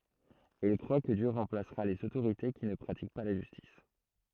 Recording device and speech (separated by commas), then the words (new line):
throat microphone, read sentence
Et il croit que Dieu remplacera les autorités qui ne pratiquent pas la justice.